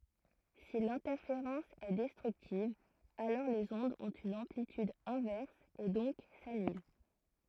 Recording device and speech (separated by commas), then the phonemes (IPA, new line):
throat microphone, read sentence
si lɛ̃tɛʁfeʁɑ̃s ɛ dɛstʁyktiv alɔʁ lez ɔ̃dz ɔ̃t yn ɑ̃plityd ɛ̃vɛʁs e dɔ̃k sanyl